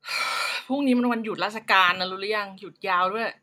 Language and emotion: Thai, frustrated